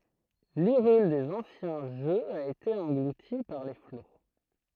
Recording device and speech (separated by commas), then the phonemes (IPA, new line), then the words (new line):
throat microphone, read sentence
liʁyl dez ɑ̃sjɛ̃ ʒøz a ete ɑ̃ɡluti paʁ le flo
L’Hyrule des anciens jeux a été engloutie par les flots.